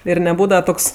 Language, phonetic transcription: Lithuanian, ir neˈbūdava ˈtoks

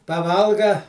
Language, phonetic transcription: Lithuanian, paˈvalga

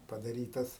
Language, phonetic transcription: Lithuanian, padaˈrytas

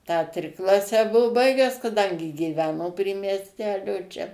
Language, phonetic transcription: Lithuanian, tą ˈtriklasę ˈbuvu ˈbaigęs kaˈdangi gyˈveno prie miesˈtelio čia

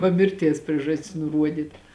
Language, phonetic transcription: Lithuanian, ˈva ˈmirˌties ˈpriežastis nuˈruodyt

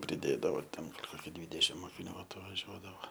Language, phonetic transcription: Lithuanian, priˈdėdavo ten ˈkoki ˈdvydešim mokiˈnių atvaˈžiuodavo

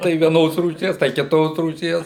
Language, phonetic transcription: Lithuanian, tai vieˈnos rūˈšies tai kiˈtos rūˈšies

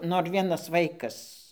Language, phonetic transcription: Lithuanian, ˈnor ˈvienas ˈvaikas

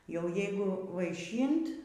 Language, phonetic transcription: Lithuanian, jau ˈjeigu vaiˈšynt

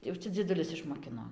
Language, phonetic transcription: Lithuanian, jau ˈčia dzieˈdulis išmoˈkino

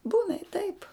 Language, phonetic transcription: Lithuanian, ˈbūna i taip

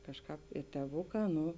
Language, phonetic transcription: Lithuanian, ˈkažˌkāp i tėˈvuˌkā ˈnu

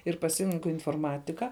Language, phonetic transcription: Lithuanian, ir paˈsirenku inforˈmatika

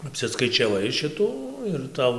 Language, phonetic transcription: Lithuanian, apsiskaičiaˈvai ˈšitų ir ˈtau

